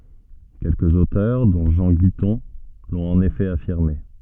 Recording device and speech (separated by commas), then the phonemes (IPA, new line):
soft in-ear microphone, read sentence
kɛlkəz otœʁ dɔ̃ ʒɑ̃ ɡitɔ̃ lɔ̃t ɑ̃n efɛ afiʁme